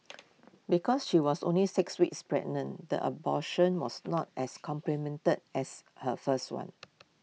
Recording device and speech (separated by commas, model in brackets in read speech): mobile phone (iPhone 6), read sentence